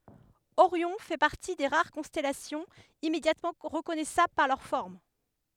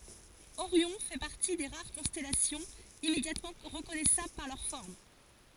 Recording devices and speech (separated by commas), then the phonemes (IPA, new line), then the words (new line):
headset microphone, forehead accelerometer, read sentence
oʁjɔ̃ fɛ paʁti de ʁaʁ kɔ̃stɛlasjɔ̃z immedjatmɑ̃ ʁəkɔnɛsabl paʁ lœʁ fɔʁm
Orion fait partie des rares constellations immédiatement reconnaissables par leur forme.